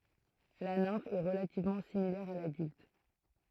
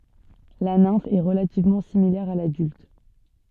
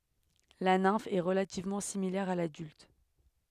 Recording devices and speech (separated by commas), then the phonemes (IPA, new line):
throat microphone, soft in-ear microphone, headset microphone, read sentence
la nɛ̃f ɛ ʁəlativmɑ̃ similɛʁ a ladylt